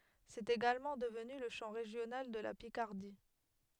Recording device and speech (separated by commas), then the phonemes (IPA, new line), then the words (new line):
headset microphone, read sentence
sɛt eɡalmɑ̃ dəvny lə ʃɑ̃ ʁeʒjonal də la pikaʁdi
C'est également devenu le chant régional de la Picardie.